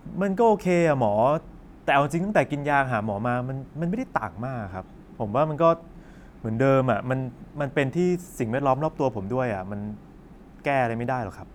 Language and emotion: Thai, frustrated